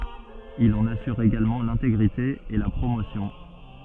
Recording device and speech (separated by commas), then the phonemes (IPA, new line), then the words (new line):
soft in-ear microphone, read sentence
il ɑ̃n asyʁ eɡalmɑ̃ lɛ̃teɡʁite e la pʁomosjɔ̃
Il en assure également l'intégrité et la promotion.